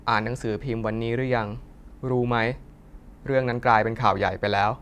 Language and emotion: Thai, neutral